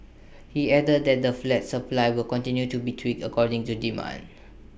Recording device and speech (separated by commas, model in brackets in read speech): boundary microphone (BM630), read sentence